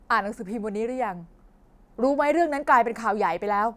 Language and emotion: Thai, angry